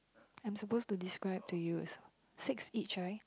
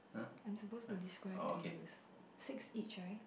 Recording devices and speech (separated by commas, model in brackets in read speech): close-talking microphone, boundary microphone, conversation in the same room